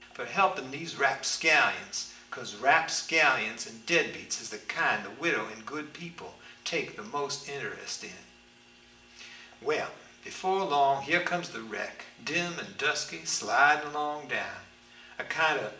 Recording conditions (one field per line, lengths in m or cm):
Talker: one person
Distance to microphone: 1.8 m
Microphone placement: close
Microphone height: 1.0 m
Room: large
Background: none